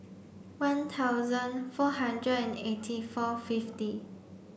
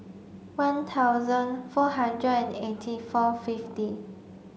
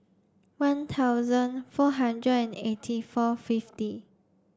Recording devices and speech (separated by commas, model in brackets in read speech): boundary microphone (BM630), mobile phone (Samsung C5), standing microphone (AKG C214), read sentence